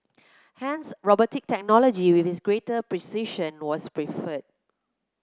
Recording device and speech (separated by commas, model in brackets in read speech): close-talking microphone (WH30), read sentence